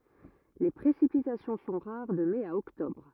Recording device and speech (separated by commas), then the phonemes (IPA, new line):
rigid in-ear microphone, read sentence
le pʁesipitasjɔ̃ sɔ̃ ʁaʁ də mɛ a ɔktɔbʁ